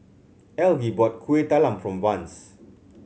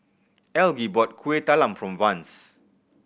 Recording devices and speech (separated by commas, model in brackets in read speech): mobile phone (Samsung C7100), boundary microphone (BM630), read sentence